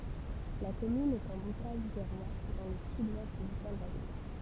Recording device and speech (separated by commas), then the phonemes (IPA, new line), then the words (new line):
temple vibration pickup, read sentence
la kɔmyn ɛt ɑ̃ bokaʒ viʁwa dɑ̃ lə syd wɛst dy kalvadɔs
La commune est en Bocage virois, dans le sud-ouest du Calvados.